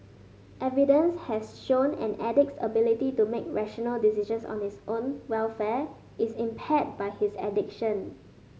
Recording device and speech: mobile phone (Samsung S8), read sentence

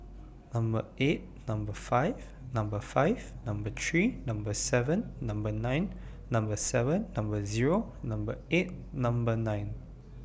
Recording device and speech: boundary microphone (BM630), read sentence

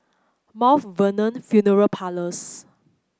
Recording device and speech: close-talking microphone (WH30), read sentence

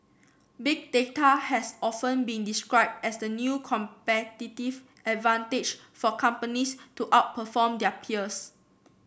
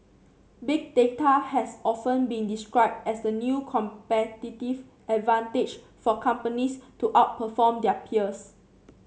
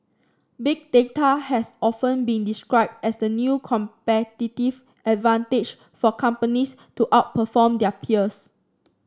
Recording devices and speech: boundary microphone (BM630), mobile phone (Samsung C7), standing microphone (AKG C214), read sentence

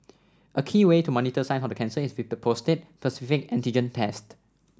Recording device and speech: standing microphone (AKG C214), read sentence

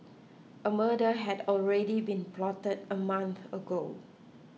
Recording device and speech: mobile phone (iPhone 6), read sentence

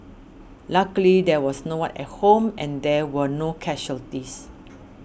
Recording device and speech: boundary microphone (BM630), read sentence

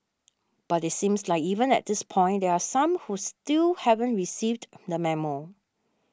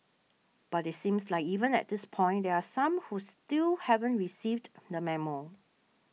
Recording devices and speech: standing microphone (AKG C214), mobile phone (iPhone 6), read sentence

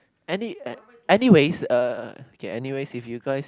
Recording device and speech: close-talking microphone, conversation in the same room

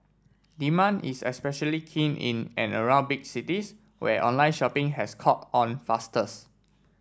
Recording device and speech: standing microphone (AKG C214), read sentence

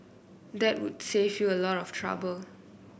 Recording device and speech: boundary microphone (BM630), read sentence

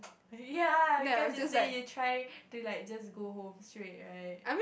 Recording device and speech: boundary microphone, conversation in the same room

